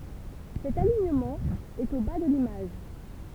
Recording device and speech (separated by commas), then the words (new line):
temple vibration pickup, read sentence
Cet alignement est au bas de l'image.